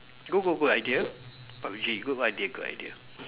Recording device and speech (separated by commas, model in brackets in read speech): telephone, conversation in separate rooms